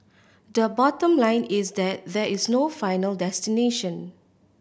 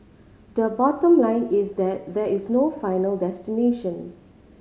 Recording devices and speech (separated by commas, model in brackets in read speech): boundary microphone (BM630), mobile phone (Samsung C5010), read sentence